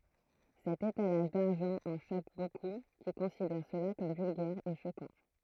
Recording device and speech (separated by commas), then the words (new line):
throat microphone, read sentence
Cet étalage d'argent en choque beaucoup, qui considèrent cela comme vulgaire et choquant.